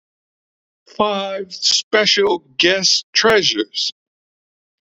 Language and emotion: English, happy